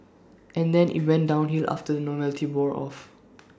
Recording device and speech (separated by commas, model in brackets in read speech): standing microphone (AKG C214), read sentence